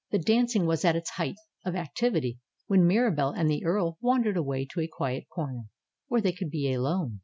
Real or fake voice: real